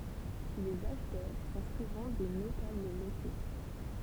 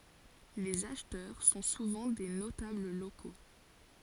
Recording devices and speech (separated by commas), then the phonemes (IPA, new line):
temple vibration pickup, forehead accelerometer, read sentence
lez aʃtœʁ sɔ̃ suvɑ̃ de notabl loko